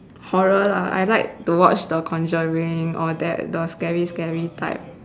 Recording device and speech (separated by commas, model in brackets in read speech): standing microphone, conversation in separate rooms